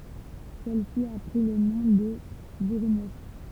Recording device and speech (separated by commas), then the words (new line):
temple vibration pickup, read sentence
Celle-ci a pris le nom de Bourgneuf.